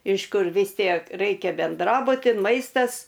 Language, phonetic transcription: Lithuanian, iš ˈkur vis ˈtiek ˈraikia benˈdrabuti ˈmaistas

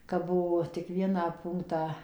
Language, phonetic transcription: Lithuanian, kap ˈbuvo tik ˈvieną ˈpūnktą

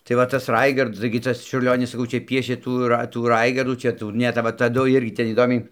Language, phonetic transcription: Lithuanian, tai ˈva tas ˈraigard taigi ˈtas čiurˈlionis saˈkau ˈčia ˈpiešė ˈtų ra tų ˈraigardų ˈčia ˈtų ˈne ta ˈva taˈdu ˈirgi ˈten įˈdomiai

